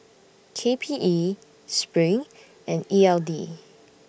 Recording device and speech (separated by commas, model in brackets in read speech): boundary microphone (BM630), read sentence